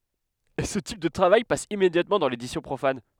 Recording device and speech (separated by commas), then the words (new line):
headset microphone, read sentence
Ce type de travail passe immédiatement dans l'édition profane.